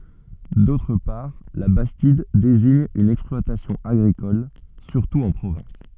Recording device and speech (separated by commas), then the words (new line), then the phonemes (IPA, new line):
soft in-ear microphone, read sentence
D’autre part, la bastide désigne une exploitation agricole, surtout en Provence.
dotʁ paʁ la bastid deziɲ yn ɛksplwatasjɔ̃ aɡʁikɔl syʁtu ɑ̃ pʁovɑ̃s